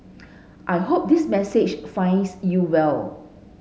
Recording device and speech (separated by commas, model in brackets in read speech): mobile phone (Samsung S8), read sentence